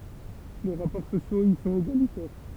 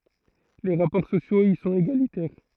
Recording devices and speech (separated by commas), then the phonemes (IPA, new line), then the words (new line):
temple vibration pickup, throat microphone, read sentence
le ʁapɔʁ sosjoz i sɔ̃t eɡalitɛʁ
Les rapports sociaux y sont égalitaires.